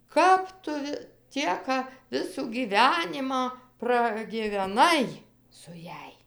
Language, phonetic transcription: Lithuanian, ˈkap tu vi ˈtieka ˈvisų gyˈvenimą pragiveˈnai su ˈjąj

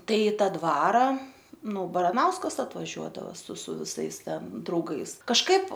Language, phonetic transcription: Lithuanian, ˈtai ˈta ˈdvara ˈnu baraˈnauskas atvaˈžiuodava su su viˈsais ˈten drauˈgais kažˈkaip

